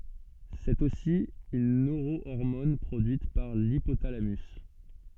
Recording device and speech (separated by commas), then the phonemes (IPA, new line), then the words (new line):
soft in-ear microphone, read sentence
sɛt osi yn nøʁoɔʁmɔn pʁodyit paʁ lipotalamys
C'est aussi une neurohormone produite par l'hypothalamus.